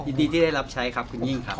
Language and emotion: Thai, neutral